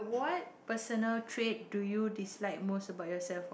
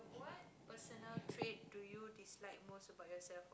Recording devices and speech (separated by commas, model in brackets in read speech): boundary microphone, close-talking microphone, conversation in the same room